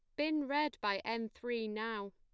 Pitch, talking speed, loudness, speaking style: 230 Hz, 185 wpm, -37 LUFS, plain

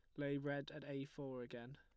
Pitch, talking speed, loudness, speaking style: 140 Hz, 230 wpm, -47 LUFS, plain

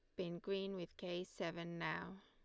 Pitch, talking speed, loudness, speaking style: 180 Hz, 175 wpm, -45 LUFS, Lombard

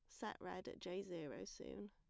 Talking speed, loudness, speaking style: 210 wpm, -50 LUFS, plain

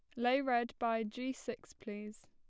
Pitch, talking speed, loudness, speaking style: 240 Hz, 175 wpm, -37 LUFS, plain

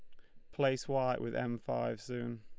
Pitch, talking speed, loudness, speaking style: 120 Hz, 195 wpm, -36 LUFS, Lombard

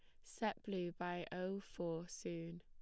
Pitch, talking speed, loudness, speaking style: 175 Hz, 150 wpm, -45 LUFS, plain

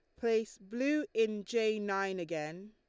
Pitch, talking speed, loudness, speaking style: 215 Hz, 145 wpm, -34 LUFS, Lombard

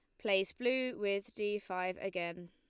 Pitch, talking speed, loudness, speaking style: 200 Hz, 160 wpm, -36 LUFS, Lombard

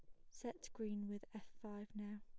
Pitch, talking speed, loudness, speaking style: 210 Hz, 190 wpm, -50 LUFS, plain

